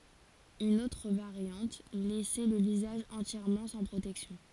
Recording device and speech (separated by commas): forehead accelerometer, read sentence